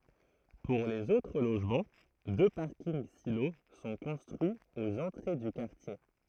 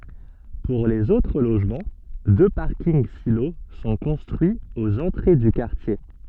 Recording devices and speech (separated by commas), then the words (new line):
throat microphone, soft in-ear microphone, read sentence
Pour les autres logements, deux parkings-silos sont construits aux entrées du quartier.